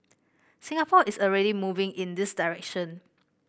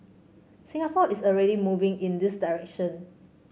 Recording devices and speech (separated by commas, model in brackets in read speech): boundary microphone (BM630), mobile phone (Samsung C5), read sentence